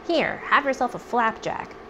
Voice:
cartoon voice